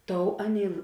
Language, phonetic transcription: Lithuanian, ˈtou ˈaˌnėi

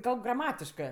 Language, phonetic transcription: Lithuanian, ˈkalb graˈmatiškɜ

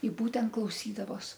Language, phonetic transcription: Lithuanian, i ˈbūtent klauˈsydavos

